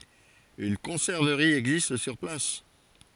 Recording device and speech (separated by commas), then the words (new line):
forehead accelerometer, read sentence
Une conserverie existe sur place.